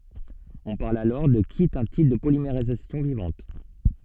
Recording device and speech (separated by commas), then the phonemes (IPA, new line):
soft in-ear microphone, read sentence
ɔ̃ paʁl alɔʁ də ki ɛt œ̃ tip də polimeʁizasjɔ̃ vivɑ̃t